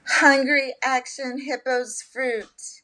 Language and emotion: English, fearful